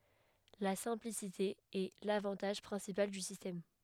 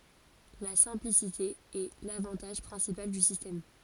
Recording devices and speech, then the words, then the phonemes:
headset microphone, forehead accelerometer, read sentence
La simplicité est l'avantage principal du système.
la sɛ̃plisite ɛ lavɑ̃taʒ pʁɛ̃sipal dy sistɛm

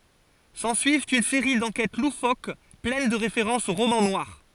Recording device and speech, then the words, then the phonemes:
forehead accelerometer, read sentence
S'ensuivent une série d'enquêtes loufoques pleines de références au roman noir.
sɑ̃syivt yn seʁi dɑ̃kɛt lufok plɛn də ʁefeʁɑ̃sz o ʁomɑ̃ nwaʁ

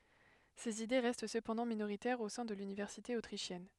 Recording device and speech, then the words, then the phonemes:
headset microphone, read sentence
Ses idées restent cependant minoritaires au sein de l'université autrichienne.
sez ide ʁɛst səpɑ̃dɑ̃ minoʁitɛʁz o sɛ̃ də lynivɛʁsite otʁiʃjɛn

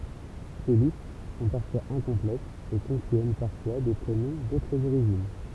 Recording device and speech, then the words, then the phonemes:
temple vibration pickup, read sentence
Ces listes sont parfois incomplètes, et contiennent parfois des prénoms d'autres origines.
se list sɔ̃ paʁfwaz ɛ̃kɔ̃plɛtz e kɔ̃tjɛn paʁfwa de pʁenɔ̃ dotʁz oʁiʒin

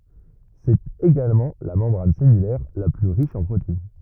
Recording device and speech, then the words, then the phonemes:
rigid in-ear microphone, read sentence
C'est également la membrane cellulaire la plus riche en protéines.
sɛt eɡalmɑ̃ la mɑ̃bʁan sɛlylɛʁ la ply ʁiʃ ɑ̃ pʁotein

